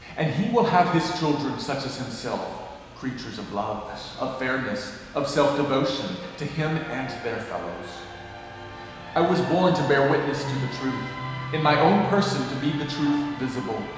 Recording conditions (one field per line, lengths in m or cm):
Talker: one person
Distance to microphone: 1.7 m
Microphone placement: close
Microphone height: 1.0 m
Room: very reverberant, large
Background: television